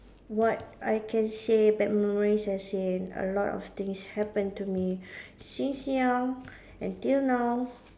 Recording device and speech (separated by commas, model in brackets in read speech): standing microphone, conversation in separate rooms